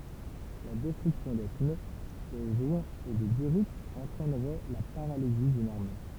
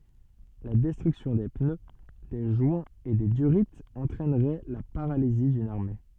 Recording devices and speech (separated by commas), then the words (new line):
temple vibration pickup, soft in-ear microphone, read sentence
La destruction des pneus, des joints et des durits entraînerait la paralysie d’une armée.